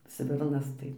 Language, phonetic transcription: Lithuanian, ˈsvirnas ˈtai

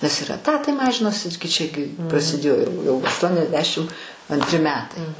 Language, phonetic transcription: Lithuanian, nes ir eˈtatai ˈmažinosi gi ˈčiagi prasiˈdėjo jau jau aštuoniasˈdešim antˈri ˈmetai

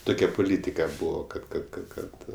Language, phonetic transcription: Lithuanian, ˈtukia puˈlytika ˈbūvo kad kad kad ˈkad

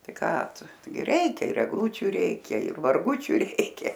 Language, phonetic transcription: Lithuanian, ˈtai ˈką ˈtu ˈtaigi ˈreikia ir egˈlūčiu ˈreikia ir marˈgučiu ˈreikia

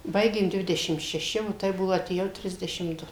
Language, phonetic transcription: Lithuanian, ˈbaigėm ˈdvidešim šeˈši o ˈtai ˈbuvo atėˈjau ˈtrisdešim ˈdu

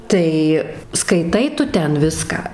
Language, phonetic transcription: Lithuanian, ˈtai skaiˈtai ˈtu ˈten ˈviską

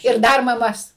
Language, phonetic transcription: Lithuanian, ir ˈdar maˈmas

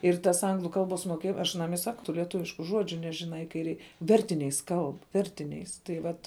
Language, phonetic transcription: Lithuanian, ir tas ˈanglu ˈkalˌbos moˈkėj aš aˈnam i ˈsaku tu lieˈtuvišku ˈžuodžiu ˈnežiˌnai kai ˈrei ˈvertiniais ˈkalb ˈvertiniais tai ˈvat

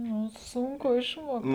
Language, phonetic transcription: Lithuanian, ˈnu sunˈku išmuokt

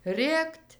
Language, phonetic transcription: Lithuanian, ˈrėkt'

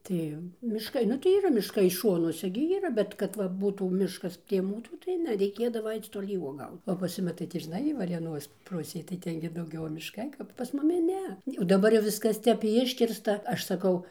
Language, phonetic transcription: Lithuanian, ˈtai mišˈkai ˈnu tai yˈra mišˈkai ˈšonuose gi yˈra ˈbet kad ˈva ˈbūtų ˈmiškas prie ˈmūsų tai ˈne reiˈkėdava ˈaic toˈly uoˈgaut o pas ˈjumi tai ti žiˈnai varėˈnos ˈpusėj tai ˈten gi dauˈgiau mišˈkai ˈkap pas ˈmumi ˈne o daˈbar jau ˈviskas ˈtep ˈiškirsta ˈaš saˈkau

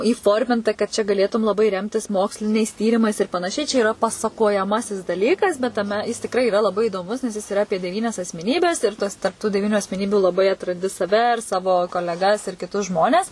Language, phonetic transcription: Lithuanian, įˈforminta kad čia gaˈlėtum laˈbai ˈremtis ˈmoksliniais ˈtyrimais ir panaˈšiai čia yˈra pasakojaˈmasis daˈlykas bet taˈme ˈjis tikˈrai iˈra laˈbai įdoˈmus nes jis iˈra ˈapie deˈvynias asmeˈnybes ir ˈtuos tarp tų deˈvyniu asmeˈnybių laˈbai atranˈdi saˈve ir ˈsavo koleˈgas ir kiˈtus ˈžmones

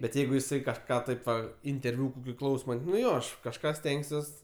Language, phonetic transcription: Lithuanian, bet ˈjeigu jiˈsai kažˈką ˈtaip va interˈviu priˈklausomai nu ˈjo ˈaš kažˈką ˈstengsiuos

